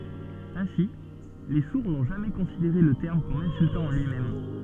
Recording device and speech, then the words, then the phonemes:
soft in-ear microphone, read sentence
Ainsi, les sourds n’ont jamais considéré le terme comme insultant en lui-même.
ɛ̃si le suʁ nɔ̃ ʒamɛ kɔ̃sideʁe lə tɛʁm kɔm ɛ̃syltɑ̃ ɑ̃ lyimɛm

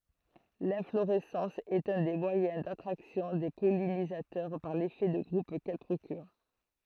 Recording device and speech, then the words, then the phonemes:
throat microphone, read sentence
L'inflorescence est un des moyens d'attraction des pollinisateurs par l'effet de groupe qu'elle procure.
lɛ̃floʁɛsɑ̃s ɛt œ̃ de mwajɛ̃ datʁaksjɔ̃ de pɔlinizatœʁ paʁ lefɛ də ɡʁup kɛl pʁokyʁ

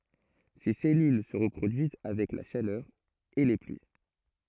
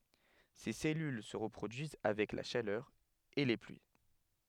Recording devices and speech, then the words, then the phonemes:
throat microphone, headset microphone, read sentence
Ses cellules se reproduisent avec la chaleur et les pluies.
se sɛlyl sə ʁəpʁodyiz avɛk la ʃalœʁ e le plyi

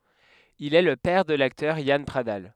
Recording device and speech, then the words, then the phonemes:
headset microphone, read sentence
Il est le père de l'acteur Yann Pradal.
il ɛ lə pɛʁ də laktœʁ jan pʁadal

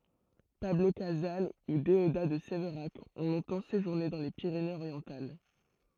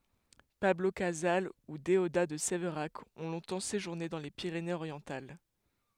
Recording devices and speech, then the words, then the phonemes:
throat microphone, headset microphone, read sentence
Pablo Casals ou Déodat de Séverac ont longtemps séjourné dans les Pyrénées-Orientales.
pablo kazal u deoda də sevʁak ɔ̃ lɔ̃tɑ̃ seʒuʁne dɑ̃ le piʁenez oʁjɑ̃tal

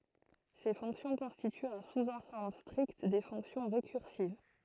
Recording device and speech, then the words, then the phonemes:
throat microphone, read sentence
Ces fonctions constituent un sous-ensemble strict des fonctions récursives.
se fɔ̃ksjɔ̃ kɔ̃stityt œ̃ suzɑ̃sɑ̃bl stʁikt de fɔ̃ksjɔ̃ ʁekyʁsiv

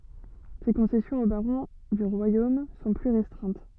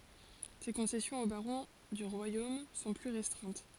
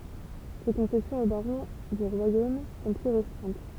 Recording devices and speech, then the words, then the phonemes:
soft in-ear microphone, forehead accelerometer, temple vibration pickup, read sentence
Ses concessions aux barons du royaume sont plus restreintes.
se kɔ̃sɛsjɔ̃z o baʁɔ̃ dy ʁwajom sɔ̃ ply ʁɛstʁɛ̃t

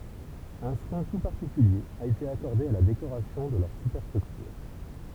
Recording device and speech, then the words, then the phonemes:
temple vibration pickup, read sentence
Un soin tout particulier a été accordé à la décoration de leurs superstructures.
œ̃ swɛ̃ tu paʁtikylje a ete akɔʁde a la dekoʁasjɔ̃ də lœʁ sypɛʁstʁyktyʁ

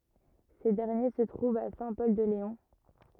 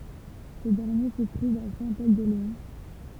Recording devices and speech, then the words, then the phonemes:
rigid in-ear microphone, temple vibration pickup, read sentence
Ces derniers se trouvent à Saint-Pol-de-Léon.
se dɛʁnje sə tʁuvt a sɛ̃ pɔl də leɔ̃

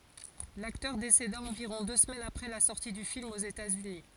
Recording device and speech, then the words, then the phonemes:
forehead accelerometer, read sentence
L'acteur décéda environ deux semaines après la sortie du film aux États-Unis.
laktœʁ deseda ɑ̃viʁɔ̃ dø səmɛnz apʁɛ la sɔʁti dy film oz etatsyni

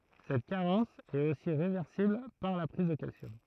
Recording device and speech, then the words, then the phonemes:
throat microphone, read sentence
Cette carence est aussi réversible par la prise de calcium.
sɛt kaʁɑ̃s ɛt osi ʁevɛʁsibl paʁ la pʁiz də kalsjɔm

